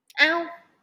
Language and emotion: Thai, frustrated